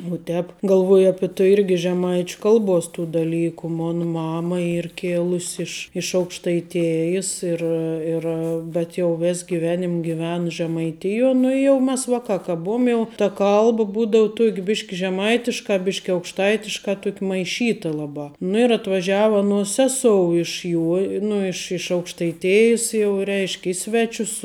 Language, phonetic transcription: Lithuanian, uo ˈtēp galˈvuoj ˈapi tu irgi žeˈmaič' ˈkalˌbos tų daˈlyku ˈmon ˈmama ˈyr ˈkėlus' iš iš aukštaiˈtėjis ˈir ir bet jau ˈvis giˈvenim' giˈven žemaiˈtijuo ˈnu i jau ˈmes ˈvakā ka ˈbuum jau ta ˈkalb ˈbūdau ˈtuok' ˈbiš' žeˈmaitiška ˈbišk' aukšˈtaitiška ˈtuok' maiˈšyta ˈlabā ˈnu ir atvaˈžiava ˈanuos ˈsesou iš ˈjuo ˈnu iš iš aukštaiˈtėjis jau ˈreišk' ˈi sveˌčius

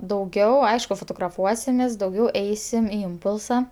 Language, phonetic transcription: Lithuanian, dauˈgiau ˈaišku fotograˈfuosimės dauˈgiau ˈeisim i ˈimpulsa

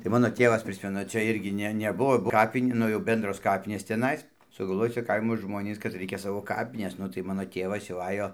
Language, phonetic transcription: Lithuanian, tai ˈmano ˈtėvas ˈprismenu čia ˈirgi ˈne ˈnebuvo ˈkapin' ˈnu jau ˈbendros ˈkapinės ciaˈnais sugalˈvoj ˈcia ˈkaimo ˈžmonys kad ˈraikia ˈsavo ˈkapines ˈnu tai ˈmano ˈtėvas jau ˈajo

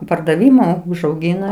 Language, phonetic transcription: Lithuanian, pardaˈvimu užauˈgina

